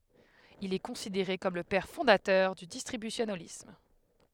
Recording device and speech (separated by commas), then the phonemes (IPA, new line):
headset microphone, read sentence
il ɛ kɔ̃sideʁe kɔm lə pɛʁ fɔ̃datœʁ dy distʁibysjonalism